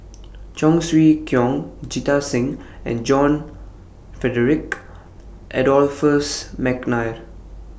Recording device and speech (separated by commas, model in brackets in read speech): boundary microphone (BM630), read sentence